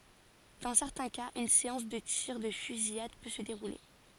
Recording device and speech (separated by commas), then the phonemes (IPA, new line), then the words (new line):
forehead accelerometer, read sentence
dɑ̃ sɛʁtɛ̃ kaz yn seɑ̃s də tiʁ də fyzijad pø sə deʁule
Dans certains cas, une séance de tirs de fusillade peut se dérouler.